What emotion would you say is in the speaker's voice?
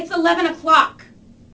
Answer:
angry